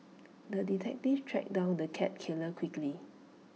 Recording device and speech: mobile phone (iPhone 6), read sentence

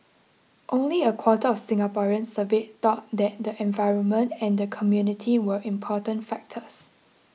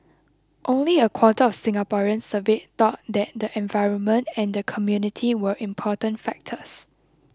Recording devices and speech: mobile phone (iPhone 6), close-talking microphone (WH20), read sentence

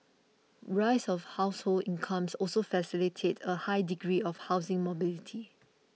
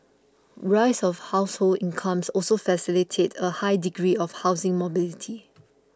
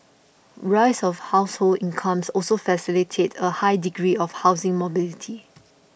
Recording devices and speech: mobile phone (iPhone 6), close-talking microphone (WH20), boundary microphone (BM630), read sentence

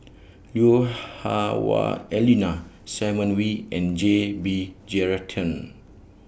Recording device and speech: boundary microphone (BM630), read sentence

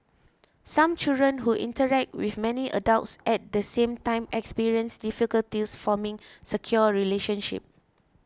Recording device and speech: close-talking microphone (WH20), read sentence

